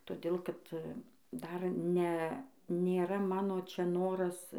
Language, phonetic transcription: Lithuanian, toˈdėl ˈkad ˈdar ˈne nėˈra ˈmano ˈčia ˈnoras

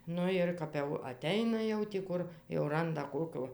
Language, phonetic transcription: Lithuanian, ˈnu ir kap ˈjau aˈteina jau ti ˈkur jau ˈranda ˈkokio

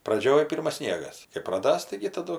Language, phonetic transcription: Lithuanian, ˈpradžioj ˈpirmas ˈsniegas kai praˈdas taigi taˈdu

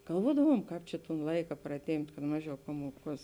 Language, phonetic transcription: Lithuanian, galˈvuodavuom ˈkāp čia ton ˈlaika praˈtėmpt' kad ˈmaˌžiau ˈpamuoˌkuos

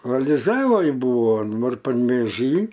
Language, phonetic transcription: Lithuanian, aliˈzavoj ˈbūvo daˈbar panvėˈžy

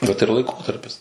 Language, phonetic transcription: Lithuanian, ˈvat ir laiˈkotarpis

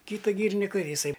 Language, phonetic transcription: Lithuanian, ˈkyta ˈgyrinika jiˈsai

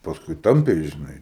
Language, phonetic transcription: Lithuanian, pasˈkui ˈtampė žiˈnai

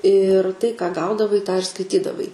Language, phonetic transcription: Lithuanian, ir tai ką ˈgaudavai tą ir skaiˈtydavai

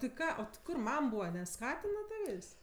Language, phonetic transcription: Lithuanian, ti ˈką o ti ˈkur ˈmam ˈbūva neˈskatina ˈtavės'

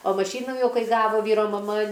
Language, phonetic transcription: Lithuanian, o maˈšynų ˈjau ˈkai ˈgavo ˈvyro maˈma

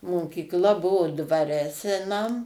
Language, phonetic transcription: Lithuanian, mokykˈla ˈbuvo dvaˈre seˈnam

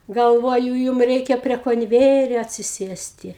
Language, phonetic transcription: Lithuanian, galˈvoju ˈjūm ˈreikia prie konˈvejerio atsiˈsėsti

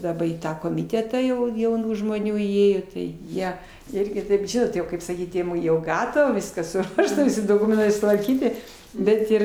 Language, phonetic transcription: Lithuanian, daˈba į ˈtą komiˈtetą jau jauˈnų žmoˈnių įˈėjo tai ˈjie ˈirgi kaip ˈžinot jau kaip saˈkyt jau ˈgatava ˈviskas suˈruošta ˈvisi doˈkumentai sutvarˈkyti ˈbet ir

